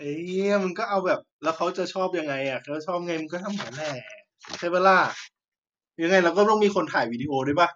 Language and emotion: Thai, happy